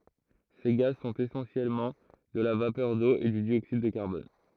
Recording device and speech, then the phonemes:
throat microphone, read sentence
se ɡaz sɔ̃t esɑ̃sjɛlmɑ̃ də la vapœʁ do e dy djoksid də kaʁbɔn

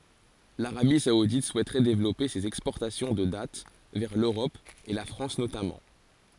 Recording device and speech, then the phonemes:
forehead accelerometer, read sentence
laʁabi saudit suɛtʁɛ devlɔpe sez ɛkspɔʁtasjɔ̃ də dat vɛʁ løʁɔp e la fʁɑ̃s notamɑ̃

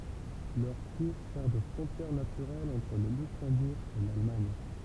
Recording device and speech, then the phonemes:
temple vibration pickup, read sentence
lœʁ kuʁ sɛʁ də fʁɔ̃tjɛʁ natyʁɛl ɑ̃tʁ lə lyksɑ̃buʁ e lalmaɲ

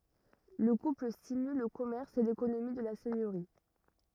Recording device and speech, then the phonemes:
rigid in-ear microphone, read sentence
lə kupl stimyl lə kɔmɛʁs e lekonomi də la sɛɲøʁi

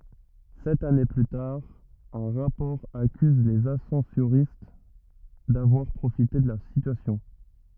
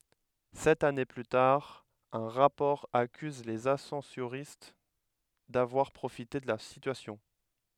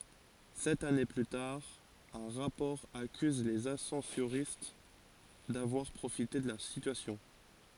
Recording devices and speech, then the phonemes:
rigid in-ear microphone, headset microphone, forehead accelerometer, read sentence
sɛt ane ply taʁ œ̃ ʁapɔʁ akyz lez asɑ̃soʁist davwaʁ pʁofite də la sityasjɔ̃

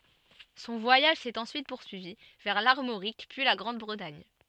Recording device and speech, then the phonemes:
soft in-ear microphone, read sentence
sɔ̃ vwajaʒ sɛt ɑ̃syit puʁsyivi vɛʁ laʁmoʁik pyi la ɡʁɑ̃dbʁətaɲ

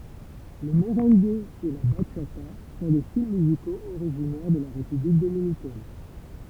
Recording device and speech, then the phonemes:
temple vibration pickup, read sentence
lə məʁɑ̃ɡ e la baʃata sɔ̃ de stil myzikoz oʁiʒinɛʁ də la ʁepyblik dominikɛn

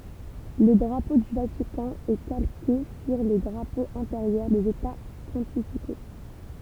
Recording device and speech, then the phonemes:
temple vibration pickup, read sentence
lə dʁapo dy vatikɑ̃ ɛ kalke syʁ le dʁapoz ɑ̃teʁjœʁ dez eta pɔ̃tifiko

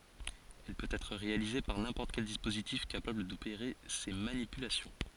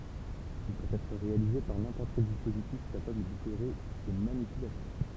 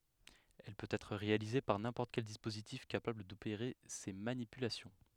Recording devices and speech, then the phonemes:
forehead accelerometer, temple vibration pickup, headset microphone, read sentence
ɛl pøt ɛtʁ ʁealize paʁ nɛ̃pɔʁt kɛl dispozitif kapabl dopeʁe se manipylasjɔ̃

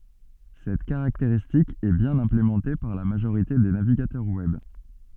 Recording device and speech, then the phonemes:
soft in-ear microphone, read sentence
sɛt kaʁakteʁistik ɛ bjɛ̃n ɛ̃plemɑ̃te paʁ la maʒoʁite de naviɡatœʁ wɛb

